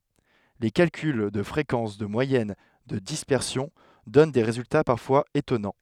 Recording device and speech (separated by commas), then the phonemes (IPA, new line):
headset microphone, read sentence
le kalkyl də fʁekɑ̃s də mwajɛn də dispɛʁsjɔ̃ dɔn de ʁezylta paʁfwaz etɔnɑ̃